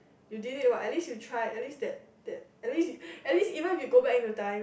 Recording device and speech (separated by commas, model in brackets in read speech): boundary microphone, conversation in the same room